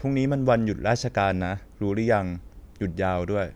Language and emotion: Thai, neutral